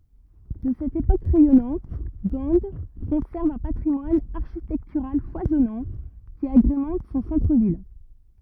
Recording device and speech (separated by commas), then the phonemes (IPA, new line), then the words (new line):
rigid in-ear microphone, read sentence
də sɛt epok ʁɛjɔnɑ̃t ɡɑ̃ kɔ̃sɛʁv œ̃ patʁimwan aʁʃitɛktyʁal fwazɔnɑ̃ ki aɡʁemɑ̃t sɔ̃ sɑ̃tʁ vil
De cette époque rayonnante, Gand conserve un patrimoine architectural foisonnant qui agrémente son centre-ville.